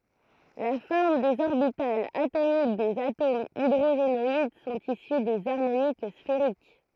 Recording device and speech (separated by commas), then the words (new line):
throat microphone, read sentence
La forme des orbitales atomiques des atomes hydrogénoïdes sont issues des harmoniques sphériques.